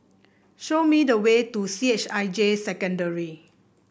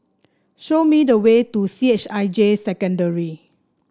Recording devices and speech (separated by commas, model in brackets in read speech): boundary microphone (BM630), standing microphone (AKG C214), read sentence